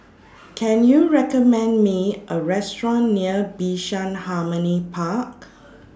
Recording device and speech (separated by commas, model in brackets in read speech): standing microphone (AKG C214), read sentence